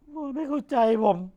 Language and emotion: Thai, sad